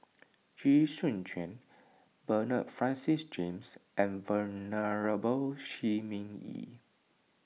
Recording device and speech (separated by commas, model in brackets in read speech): mobile phone (iPhone 6), read sentence